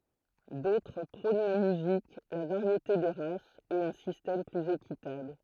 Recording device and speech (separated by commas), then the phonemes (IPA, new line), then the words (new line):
throat microphone, read sentence
dotʁ pʁɔ̃n la myzik la vaʁjete de ʁasz e œ̃ sistɛm plyz ekitabl
D'autres prônent la musique, la variété des races, et un système plus équitable.